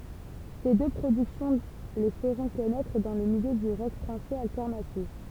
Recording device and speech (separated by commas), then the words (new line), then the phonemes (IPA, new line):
temple vibration pickup, read sentence
Ces deux productions les feront connaître dans le milieu du rock français alternatif.
se dø pʁodyksjɔ̃ le fəʁɔ̃ kɔnɛtʁ dɑ̃ lə miljø dy ʁɔk fʁɑ̃sɛz altɛʁnatif